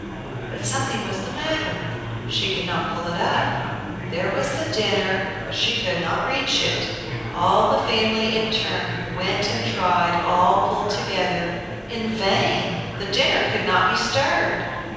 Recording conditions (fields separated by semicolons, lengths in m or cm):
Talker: one person; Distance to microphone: 7.1 m; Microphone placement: far; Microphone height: 1.7 m; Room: very reverberant, large; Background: babble